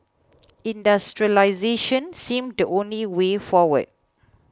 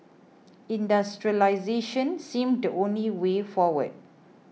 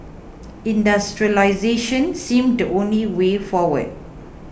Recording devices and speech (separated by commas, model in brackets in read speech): close-talking microphone (WH20), mobile phone (iPhone 6), boundary microphone (BM630), read sentence